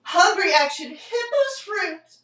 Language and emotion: English, fearful